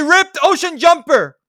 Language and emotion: English, angry